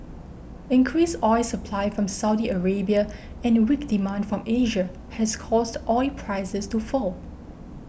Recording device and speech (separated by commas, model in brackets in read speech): boundary microphone (BM630), read sentence